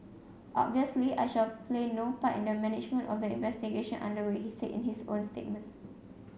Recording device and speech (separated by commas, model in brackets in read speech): mobile phone (Samsung C7), read sentence